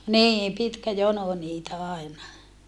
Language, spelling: Finnish, niin pitkä jono niitä aina
- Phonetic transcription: niim pitkä jono niitä àina .

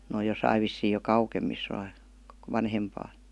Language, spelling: Finnish, ne on jossakin vissiin jo kauemmissa - vanhempaa
- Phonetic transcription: n ‿òj josaiv vissii jo "kaukemmis (- -) , 'vanhempaa .

